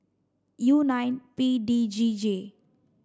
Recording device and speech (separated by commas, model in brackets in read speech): standing microphone (AKG C214), read sentence